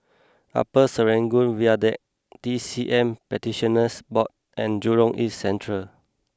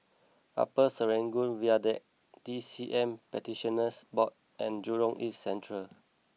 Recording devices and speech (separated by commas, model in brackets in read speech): close-talking microphone (WH20), mobile phone (iPhone 6), read sentence